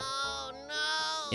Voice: whiny voice